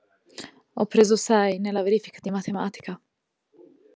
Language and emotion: Italian, sad